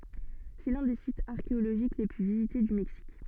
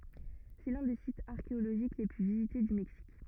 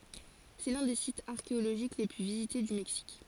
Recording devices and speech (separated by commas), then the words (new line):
soft in-ear microphone, rigid in-ear microphone, forehead accelerometer, read sentence
C’est l'un des sites archéologiques les plus visités du Mexique.